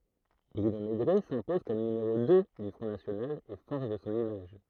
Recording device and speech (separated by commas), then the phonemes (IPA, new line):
throat microphone, read sentence
bʁyno meɡʁɛ sɛ̃pɔz kɔm nymeʁo dø dy fʁɔ̃ nasjonal e fɔʁʒ sɔ̃n imaʒ